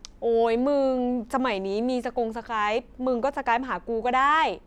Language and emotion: Thai, frustrated